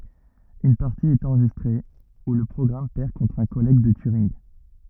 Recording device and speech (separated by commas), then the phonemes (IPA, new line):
rigid in-ear microphone, read sentence
yn paʁti ɛt ɑ̃ʁʒistʁe u lə pʁɔɡʁam pɛʁ kɔ̃tʁ œ̃ kɔlɛɡ də tyʁinɡ